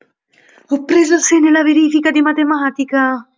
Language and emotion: Italian, happy